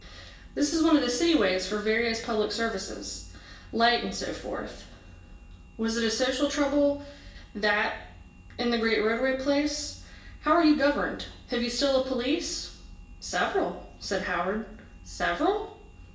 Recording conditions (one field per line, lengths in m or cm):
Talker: one person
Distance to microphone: 1.8 m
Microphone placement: close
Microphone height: 1.0 m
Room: large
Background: none